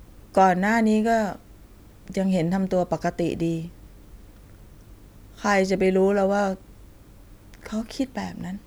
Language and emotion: Thai, sad